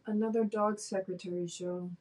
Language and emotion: English, sad